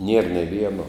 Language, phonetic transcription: Lithuanian, nier nė ˈvieno

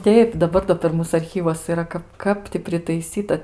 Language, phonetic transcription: Lithuanian, ˈteip daˈbar do per ˈmūs arˈchyvuos yˈra ˈkap ˈkap ti pritaiˈsyta

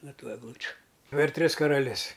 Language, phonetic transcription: Lithuanian, ˈno ˈtų egˈlučiu per ˈtris karaˈlis

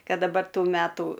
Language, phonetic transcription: Lithuanian, ˈkad daˈbar ˈtų ˈmætų

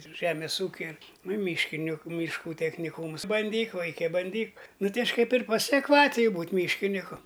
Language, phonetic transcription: Lithuanian, ˈžemės ˈūkia ir nu i ˈmyškiniku myšˈkų techniˈkūms banˈdyk ˈvaike banˈdyk ˈnu ˈtai ˈaš' kaip ir pasiakˈvatiju ˈbūt' ˈmyškiniku

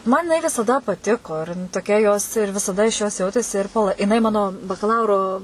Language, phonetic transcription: Lithuanian, ˈman jiˈnai visaˈda paˈtiko ir toˈkia jos ir visaˈda iš jos ˈjautėsi ir pal jiˈnai ˈmano bakaˈlauro

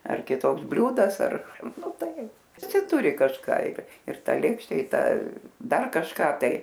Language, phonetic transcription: Lithuanian, ar kiˈtoks ˈbliūdas ar ˈnu ˈtai viˈsi ˈturi kažˈką ir ir ˈta ˈlėkšte i ˈta ˈdar kažˈką ˈtai

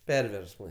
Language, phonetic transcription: Lithuanian, ˈperversmai

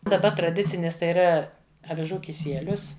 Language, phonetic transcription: Lithuanian, daˈba traˈdicinis tai yˈra aviˈžų kiˈsielius

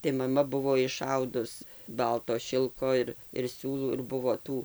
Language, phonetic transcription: Lithuanian, tai maˈma ˈbuvo iˈšaudus ˈbalto ˈšilko ir ir ˈsiūlų ir ˈbuvo ˈtų

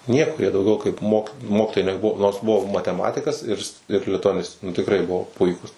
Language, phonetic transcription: Lithuanian, ˈnieko jie dauˈgiau kaip mok ˈmokitojai neˈbuvo nors ˈbuvo mateˈmatikas ir ir lituaˈnistė nu tikˈrai ˈbuvo ˈpuikūs

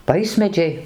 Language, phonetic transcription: Lithuanian, ˈvaismedžiai

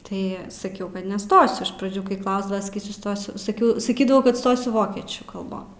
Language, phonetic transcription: Lithuanian, ˈtai saˈkiau kad neˈstosiu iš praˈdžių kai ˈklausdava saˈkysiu ˈstosiu saˈkiau saˈkydavau kad ˈstosiu ˈvokiečių kalˈbon

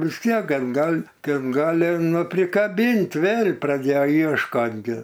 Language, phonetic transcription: Lithuanian, vis ˈtiek ˈgan ˈgal' ten ˈgali ˈnu prikaˈbint ˈvėl' praˈdėjo iešˈkot gi

